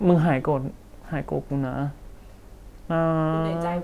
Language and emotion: Thai, sad